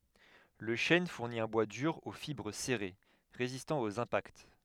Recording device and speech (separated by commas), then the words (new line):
headset microphone, read sentence
Le chêne fournit un bois dur aux fibres serrées, résistant aux impacts.